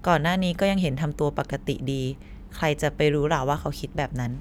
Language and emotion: Thai, neutral